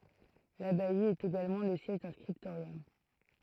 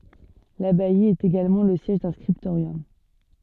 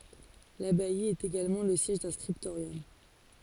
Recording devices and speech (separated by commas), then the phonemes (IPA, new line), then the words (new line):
throat microphone, soft in-ear microphone, forehead accelerometer, read sentence
labaj etɛt eɡalmɑ̃ lə sjɛʒ dœ̃ skʁiptoʁjɔm
L'abbaye était également le siège d'un scriptorium.